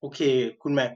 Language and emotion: Thai, neutral